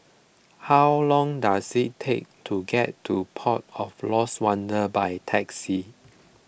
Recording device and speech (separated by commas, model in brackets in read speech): boundary microphone (BM630), read sentence